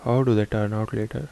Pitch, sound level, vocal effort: 110 Hz, 76 dB SPL, soft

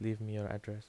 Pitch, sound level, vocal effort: 105 Hz, 78 dB SPL, soft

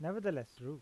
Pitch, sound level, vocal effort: 150 Hz, 87 dB SPL, normal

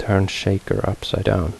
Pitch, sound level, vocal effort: 95 Hz, 72 dB SPL, soft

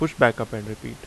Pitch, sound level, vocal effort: 115 Hz, 83 dB SPL, normal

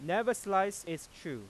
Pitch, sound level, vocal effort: 190 Hz, 97 dB SPL, loud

